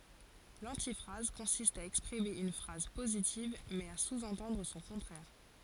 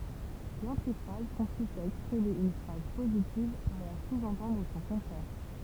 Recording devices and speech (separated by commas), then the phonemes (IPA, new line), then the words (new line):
forehead accelerometer, temple vibration pickup, read sentence
lɑ̃tifʁaz kɔ̃sist a ɛkspʁime yn fʁaz pozitiv mɛz a suzɑ̃tɑ̃dʁ sɔ̃ kɔ̃tʁɛʁ
L'antiphrase consiste à exprimer une phrase positive, mais à sous-entendre son contraire.